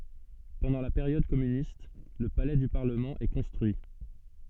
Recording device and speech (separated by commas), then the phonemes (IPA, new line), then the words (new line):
soft in-ear microphone, read sentence
pɑ̃dɑ̃ la peʁjɔd kɔmynist lə palɛ dy paʁləmɑ̃ ɛ kɔ̃stʁyi
Pendant la période communiste, le palais du Parlement est construit.